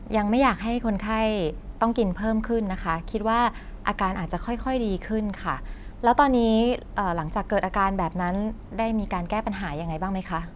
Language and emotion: Thai, neutral